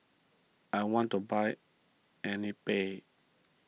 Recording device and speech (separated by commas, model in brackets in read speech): mobile phone (iPhone 6), read sentence